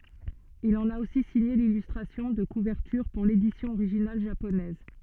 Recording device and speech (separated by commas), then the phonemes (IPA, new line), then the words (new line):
soft in-ear microphone, read sentence
il ɑ̃n a osi siɲe lilystʁasjɔ̃ də kuvɛʁtyʁ puʁ ledisjɔ̃ oʁiʒinal ʒaponɛz
Il en a aussi signé l'illustration de couverture pour l'édition originale japonaise.